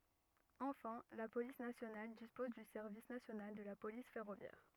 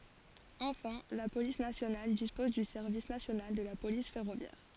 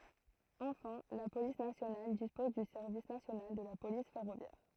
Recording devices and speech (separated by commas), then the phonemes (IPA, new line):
rigid in-ear microphone, forehead accelerometer, throat microphone, read sentence
ɑ̃fɛ̃ la polis nasjonal dispɔz dy sɛʁvis nasjonal də la polis fɛʁovjɛʁ